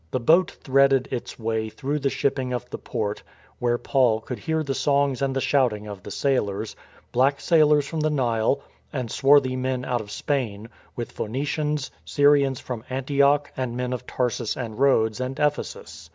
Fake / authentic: authentic